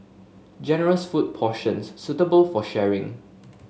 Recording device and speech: mobile phone (Samsung S8), read sentence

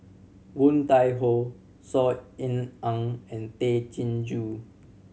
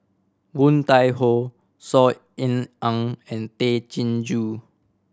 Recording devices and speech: mobile phone (Samsung C7100), standing microphone (AKG C214), read sentence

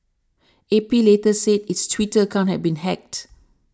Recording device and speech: standing microphone (AKG C214), read sentence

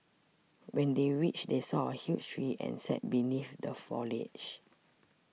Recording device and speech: mobile phone (iPhone 6), read sentence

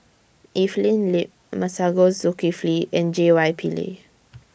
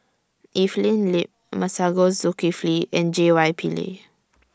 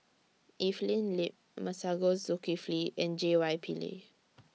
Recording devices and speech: boundary microphone (BM630), standing microphone (AKG C214), mobile phone (iPhone 6), read sentence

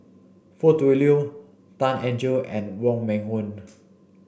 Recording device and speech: boundary microphone (BM630), read sentence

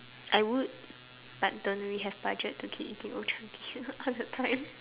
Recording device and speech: telephone, conversation in separate rooms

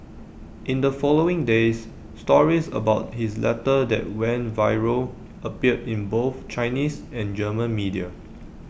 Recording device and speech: boundary microphone (BM630), read sentence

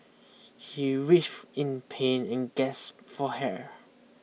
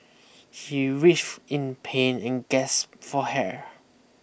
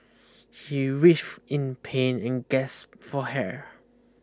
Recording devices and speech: mobile phone (iPhone 6), boundary microphone (BM630), close-talking microphone (WH20), read sentence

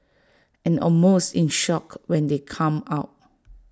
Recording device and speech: standing microphone (AKG C214), read sentence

